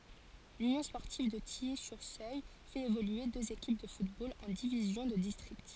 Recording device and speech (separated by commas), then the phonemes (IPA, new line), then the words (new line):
forehead accelerometer, read sentence
lynjɔ̃ spɔʁtiv də tiji syʁ søl fɛt evolye døz ekip də futbol ɑ̃ divizjɔ̃ də distʁikt
L'Union sportive de Tilly-sur-Seulles fait évoluer deux équipes de football en divisions de district.